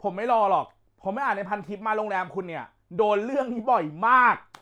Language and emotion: Thai, angry